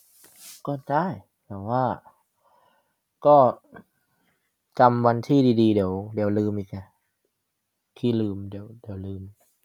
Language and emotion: Thai, neutral